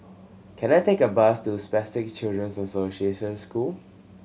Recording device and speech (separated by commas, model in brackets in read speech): mobile phone (Samsung C7100), read sentence